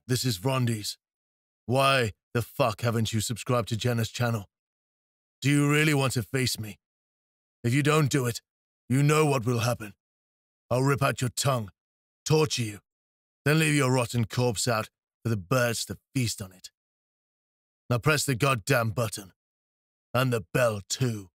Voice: Rumbling Male Voice